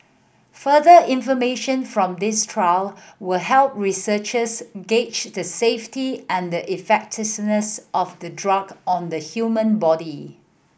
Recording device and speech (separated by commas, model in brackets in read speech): boundary microphone (BM630), read sentence